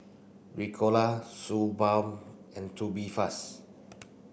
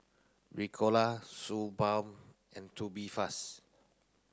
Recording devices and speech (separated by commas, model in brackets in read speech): boundary microphone (BM630), close-talking microphone (WH30), read sentence